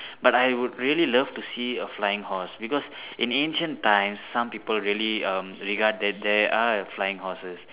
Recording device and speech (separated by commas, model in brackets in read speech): telephone, conversation in separate rooms